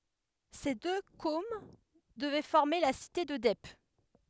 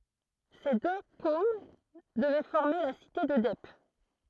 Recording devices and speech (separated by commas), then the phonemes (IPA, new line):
headset microphone, throat microphone, read sentence
se dø kom dəvɛ fɔʁme la site də dɛp